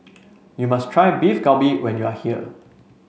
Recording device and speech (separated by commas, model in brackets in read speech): mobile phone (Samsung C5), read sentence